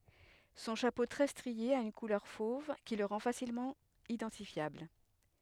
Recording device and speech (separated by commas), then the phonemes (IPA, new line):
headset microphone, read sentence
sɔ̃ ʃapo tʁɛ stʁie a yn kulœʁ fov ki lə ʁɑ̃ fasilmɑ̃ idɑ̃tifjabl